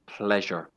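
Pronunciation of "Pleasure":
'Pleasure' is pronounced correctly here, with a zh sound, not sh or z.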